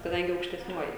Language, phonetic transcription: Lithuanian, kaˈdangi aukštesˈniuoji

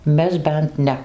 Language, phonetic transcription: Lithuanian, ˈmes ˈbent ˈne

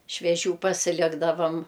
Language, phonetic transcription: Lithuanian, švieˈžių pasiˈlikdavam

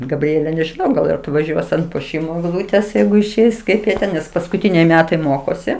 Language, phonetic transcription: Lithuanian, gabˈriele nežiˈnau ˈgal ir atvaˈžiuos ant puoˈšymo egˈlūtės ˈjeigu išˈeis ˈkaip jie ˈten nes paskuˈtyniai ˈmetai ˈmokosi

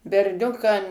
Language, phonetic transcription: Lithuanian, berˈniukam

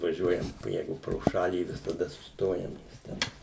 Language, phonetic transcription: Lithuanian, vaˈžiuojam ˈjeigu pro ˈšalį visaˈda susˈtojam nes ˈten

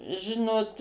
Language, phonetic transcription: Lithuanian, ˈžinot

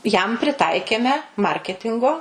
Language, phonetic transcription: Lithuanian, jam priˈtaikėme ˈmarketingo

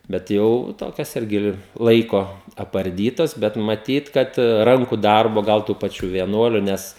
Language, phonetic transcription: Lithuanian, bet ˈjau ˈtokias ˈirgi ˈlaiko aparˈdytas bet maˈtyt ˈkad ˈranku ˈdarbo ˈgal tų paˈčių vieˈnuoliu ˈnes

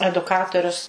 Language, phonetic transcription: Lithuanian, eduˈkatorius

